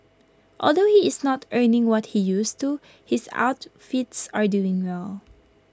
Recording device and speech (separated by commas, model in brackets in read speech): close-talking microphone (WH20), read sentence